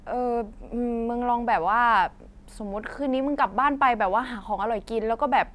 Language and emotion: Thai, frustrated